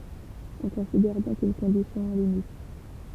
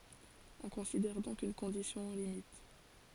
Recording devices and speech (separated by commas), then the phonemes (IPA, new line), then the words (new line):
temple vibration pickup, forehead accelerometer, read sentence
ɔ̃ kɔ̃sidɛʁ dɔ̃k yn kɔ̃disjɔ̃ o limit
On considère donc une condition aux limites.